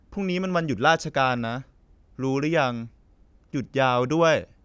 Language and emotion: Thai, neutral